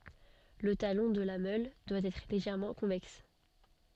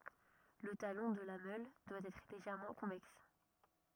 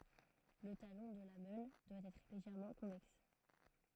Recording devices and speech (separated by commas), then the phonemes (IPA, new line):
soft in-ear microphone, rigid in-ear microphone, throat microphone, read sentence
lə talɔ̃ də la mœl dwa ɛtʁ leʒɛʁmɑ̃ kɔ̃vɛks